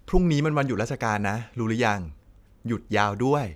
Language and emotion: Thai, neutral